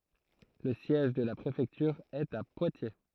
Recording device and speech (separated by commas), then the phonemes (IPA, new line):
throat microphone, read sentence
lə sjɛʒ də la pʁefɛktyʁ ɛt a pwatje